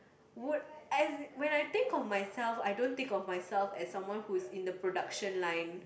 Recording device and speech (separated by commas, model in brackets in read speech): boundary microphone, conversation in the same room